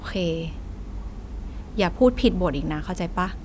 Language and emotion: Thai, frustrated